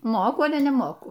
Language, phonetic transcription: Lithuanian, ˈmoku ˈale neˈmoku

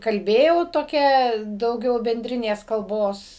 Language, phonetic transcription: Lithuanian, kalˈbėjau toˈkia dauˈgiau benˈdrinės kalˈbos

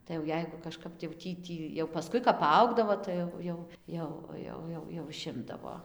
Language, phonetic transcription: Lithuanian, tai jau ˈjeigu kažˈkap tai jau ˈtį ˈtį jau paˈskui kap paˈaugdavo ˈtai jau jau ˈjau va ˈjau ˈjau iˈšimdavo

